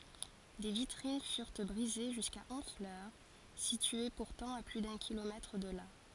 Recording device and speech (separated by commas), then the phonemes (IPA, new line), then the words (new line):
forehead accelerometer, read sentence
de vitʁin fyʁ bʁize ʒyska ɔ̃flœʁ sitye puʁtɑ̃ a ply dœ̃ kilomɛtʁ də la
Des vitrines furent brisées jusqu'à Honfleur, située pourtant à plus d'un kilomètre de là.